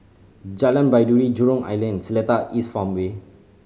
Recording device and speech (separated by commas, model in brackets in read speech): mobile phone (Samsung C5010), read sentence